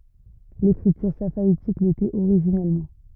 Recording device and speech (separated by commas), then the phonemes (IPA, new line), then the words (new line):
rigid in-ear microphone, read sentence
lekʁityʁ safaitik letɛt oʁiʒinɛlmɑ̃
L'écriture safaïtique l'était originellement.